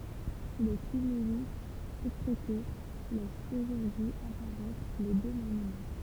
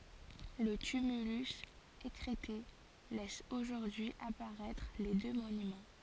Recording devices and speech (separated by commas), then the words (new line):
temple vibration pickup, forehead accelerometer, read sentence
Le tumulus, écrêté, laisse aujourd'hui apparaître les deux monuments.